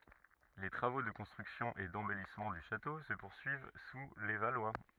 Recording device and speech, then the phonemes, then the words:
rigid in-ear microphone, read sentence
le tʁavo də kɔ̃stʁyksjɔ̃ e dɑ̃bɛlismɑ̃ dy ʃato sə puʁsyiv su le valwa
Les travaux de construction et d'embellissement du château se poursuivent sous les Valois.

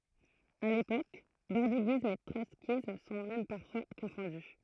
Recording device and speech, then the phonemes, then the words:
throat microphone, read sentence
a lepok bɔʁdiɡism e tʁɔtskism sɔ̃ mɛm paʁfwa kɔ̃fɔ̃dy
À l’époque bordiguisme et trotskysme sont même parfois confondus.

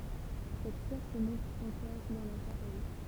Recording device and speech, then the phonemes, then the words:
temple vibration pickup, read sentence
sɛt pjɛʁ sə mɔ̃tʁ ɑ̃kɔʁ dɑ̃ la ʃapɛl
Cette pierre se montre encore dans la chapelle.

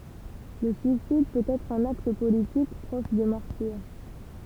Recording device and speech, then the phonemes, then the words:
temple vibration pickup, read sentence
lə syisid pøt ɛtʁ œ̃n akt politik pʁɔʃ dy maʁtiʁ
Le suicide peut être un acte politique, proche du martyre.

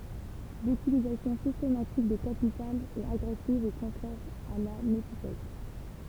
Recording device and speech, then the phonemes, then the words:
temple vibration pickup, read sentence
lytilizasjɔ̃ sistematik de kapitalz ɛt aɡʁɛsiv e kɔ̃tʁɛʁ a la netikɛt
L’utilisation systématique des capitales est agressive et contraire à la nétiquette.

